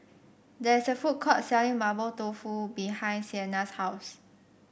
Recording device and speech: boundary microphone (BM630), read sentence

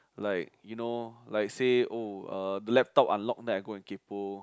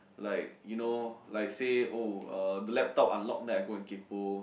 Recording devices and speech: close-talking microphone, boundary microphone, conversation in the same room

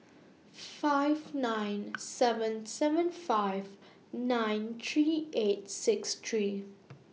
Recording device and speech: mobile phone (iPhone 6), read sentence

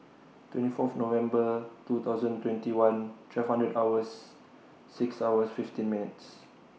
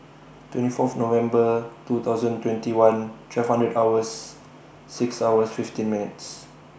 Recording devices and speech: mobile phone (iPhone 6), boundary microphone (BM630), read sentence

